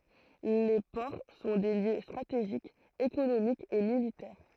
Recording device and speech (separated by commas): throat microphone, read sentence